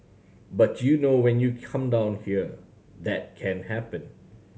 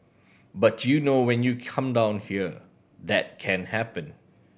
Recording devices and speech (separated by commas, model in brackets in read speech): mobile phone (Samsung C7100), boundary microphone (BM630), read sentence